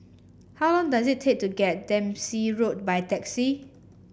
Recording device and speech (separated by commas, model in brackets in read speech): boundary microphone (BM630), read sentence